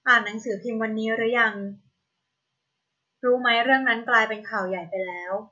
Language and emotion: Thai, neutral